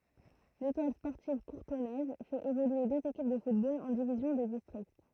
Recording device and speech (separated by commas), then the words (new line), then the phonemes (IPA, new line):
throat microphone, read sentence
L'Étoile sportive courtonnaise fait évoluer deux équipes de football en divisions de district.
letwal spɔʁtiv kuʁtɔnɛz fɛt evolye døz ekip də futbol ɑ̃ divizjɔ̃ də distʁikt